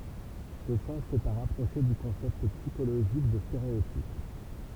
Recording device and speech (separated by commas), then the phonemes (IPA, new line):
temple vibration pickup, read sentence
sə sɑ̃s ɛt a ʁapʁoʃe dy kɔ̃sɛpt psikoloʒik də steʁeotip